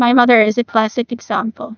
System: TTS, neural waveform model